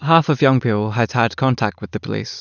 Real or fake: real